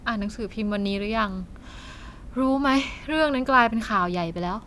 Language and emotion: Thai, frustrated